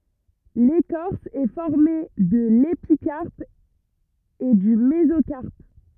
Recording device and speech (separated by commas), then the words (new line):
rigid in-ear microphone, read sentence
L'écorce est formée de l'épicarpe et du mésocarpe.